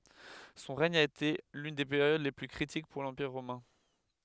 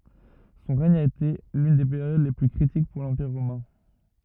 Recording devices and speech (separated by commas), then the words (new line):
headset microphone, rigid in-ear microphone, read sentence
Son règne a été l'une des périodes les plus critiques pour l'Empire romain.